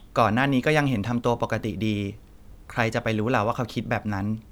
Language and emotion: Thai, neutral